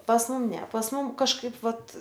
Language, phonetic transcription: Lithuanian, pas ˈmum ne pas ˈmum kažˈkaip ˈvat

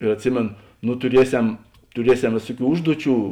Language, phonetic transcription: Lithuanian, ir atˈsimėn nu tuˈriesem tuˈriesem ˈvėsuˌkių ˈužduoˌčių

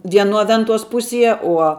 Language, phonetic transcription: Lithuanian, vieˈnuo ˈventuos ˈpusie ˈuo

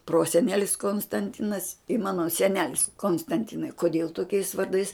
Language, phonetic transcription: Lithuanian, ˈprosenelis konstanˈtinas i ˈmano seˈnelis konstanˈtinai koˈdėl toˈkiais varˈdais

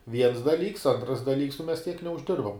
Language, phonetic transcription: Lithuanian, viens daˈlyks ˈantras daˈlyks nu mes tiek neužˈdirbam

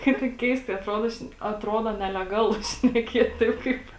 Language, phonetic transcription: Lithuanian, ˈkaip tai ˈkeistai atˈrodo ˈšne atˈrodo neleˈgalu šneˈkiet' ˈtaip ˈkaip

